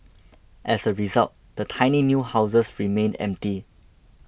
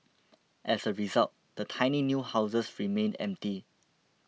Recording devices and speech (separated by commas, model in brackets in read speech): boundary microphone (BM630), mobile phone (iPhone 6), read sentence